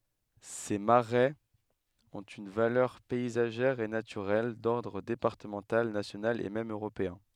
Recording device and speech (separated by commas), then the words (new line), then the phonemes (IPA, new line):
headset microphone, read sentence
Ces marais ont une valeur paysagère et naturelle d'ordre départemental, national et même européen.
se maʁɛz ɔ̃t yn valœʁ pɛizaʒɛʁ e natyʁɛl dɔʁdʁ depaʁtəmɑ̃tal nasjonal e mɛm øʁopeɛ̃